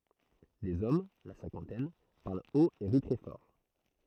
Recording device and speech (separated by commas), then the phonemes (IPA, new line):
throat microphone, read sentence
dez ɔm la sɛ̃kɑ̃tɛn paʁl ot e ʁi tʁɛ fɔʁ